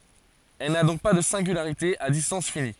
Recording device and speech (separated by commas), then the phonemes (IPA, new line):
forehead accelerometer, read sentence
ɛl na dɔ̃k pa də sɛ̃ɡylaʁite a distɑ̃s fini